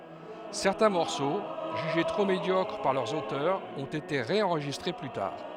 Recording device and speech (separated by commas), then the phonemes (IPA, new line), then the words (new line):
headset microphone, read sentence
sɛʁtɛ̃ mɔʁso ʒyʒe tʁo medjɔkʁ paʁ lœʁz otœʁz ɔ̃t ete ʁeɑ̃ʁʒistʁe ply taʁ
Certains morceaux jugés trop médiocres par leurs auteurs ont été ré-enregistrés plus tard.